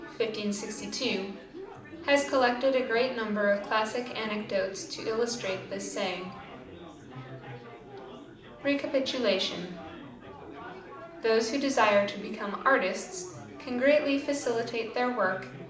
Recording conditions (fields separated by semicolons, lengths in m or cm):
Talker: one person; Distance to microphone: 2.0 m; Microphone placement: close; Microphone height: 99 cm; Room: medium-sized (5.7 m by 4.0 m); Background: babble